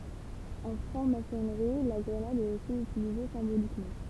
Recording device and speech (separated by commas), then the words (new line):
temple vibration pickup, read sentence
En Franc-Maçonnerie, la grenade est aussi utilisée symboliquement.